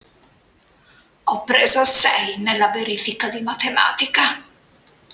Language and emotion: Italian, disgusted